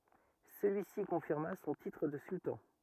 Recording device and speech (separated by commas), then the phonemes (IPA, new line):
rigid in-ear microphone, read sentence
səlyisi kɔ̃fiʁma sɔ̃ titʁ də syltɑ̃